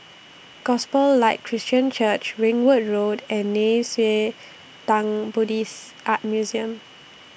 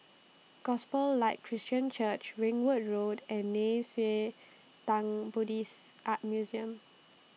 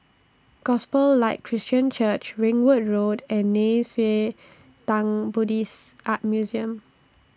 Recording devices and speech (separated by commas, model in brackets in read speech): boundary microphone (BM630), mobile phone (iPhone 6), standing microphone (AKG C214), read sentence